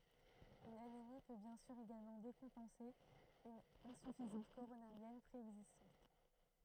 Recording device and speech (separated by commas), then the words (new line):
throat microphone, read sentence
Une anémie peut bien sûr également décompenser une insuffisance coronarienne préexistante.